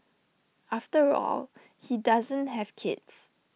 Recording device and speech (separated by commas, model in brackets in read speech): mobile phone (iPhone 6), read sentence